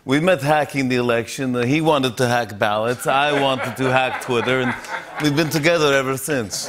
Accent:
Russian accent